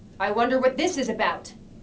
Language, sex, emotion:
English
female
angry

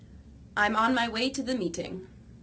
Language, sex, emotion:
English
female
neutral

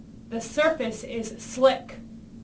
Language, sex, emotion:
English
female
angry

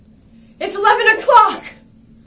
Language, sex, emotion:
English
female
fearful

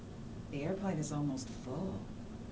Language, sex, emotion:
English
female
neutral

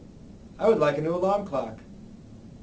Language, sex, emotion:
English
male
neutral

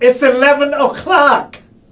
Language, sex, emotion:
English
male
angry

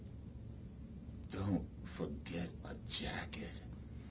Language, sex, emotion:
English
male
neutral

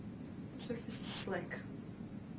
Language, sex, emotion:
English
female
neutral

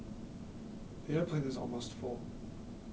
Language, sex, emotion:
English
male
neutral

